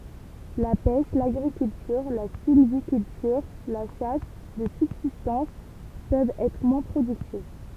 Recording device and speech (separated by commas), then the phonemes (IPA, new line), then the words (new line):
temple vibration pickup, read sentence
la pɛʃ laɡʁikyltyʁ la silvikyltyʁ la ʃas də sybzistɑ̃s pøvt ɛtʁ mwɛ̃ pʁodyktiv
La pêche, l'agriculture, la sylviculture, la chasse de subsistance peuvent être moins productives.